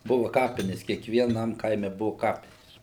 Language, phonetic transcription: Lithuanian, ˈbuva ˈkapines kiekvieˈnam ˈkaime ˈbuva ˈkapinės

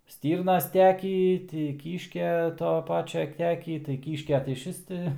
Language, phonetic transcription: Lithuanian, ˈstyrnas ˈtekį ˈti ˈkyškia ˈto ˈpačia ˈtekį tai ˈkyškia tai išˈvis ti

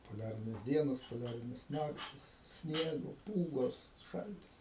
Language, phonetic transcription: Lithuanian, poˈliarinės ˈdienos poˈliarinės ˈnaktis ˈsniego ˈpūgos ˈšaltis

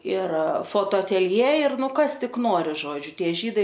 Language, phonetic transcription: Lithuanian, ir fotoatelˈjė ir ˈnu ˈkas ˈtik ˈnori ˈžodžiu ˈtie ˈžydai

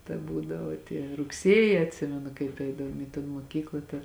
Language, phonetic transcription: Lithuanian, ta ˈbūdavo tie rugˈsieji atˈsimenu kaip ˈeidavom į ton moˈkykla ˈta

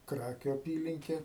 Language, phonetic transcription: Lithuanian, ˈkrakiu aˈpylinke

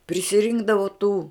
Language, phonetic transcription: Lithuanian, prisiˈrinkdavu tų

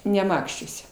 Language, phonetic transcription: Lithuanian, neˈmakščiuose

